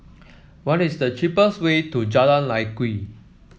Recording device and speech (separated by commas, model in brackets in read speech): mobile phone (iPhone 7), read sentence